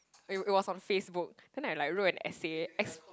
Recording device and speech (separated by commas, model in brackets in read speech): close-talking microphone, conversation in the same room